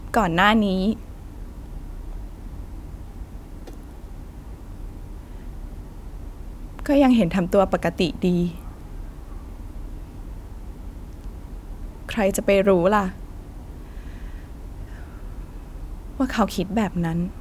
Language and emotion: Thai, sad